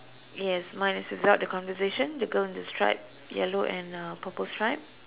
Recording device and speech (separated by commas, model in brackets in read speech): telephone, conversation in separate rooms